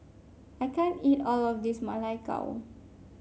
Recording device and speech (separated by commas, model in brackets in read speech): mobile phone (Samsung C5), read sentence